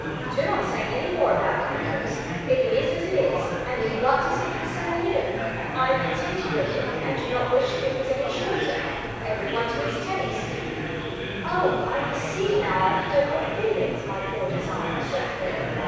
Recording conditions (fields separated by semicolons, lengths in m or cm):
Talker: one person; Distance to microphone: 7.1 m; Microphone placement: far; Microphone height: 1.7 m; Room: very reverberant, large; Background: babble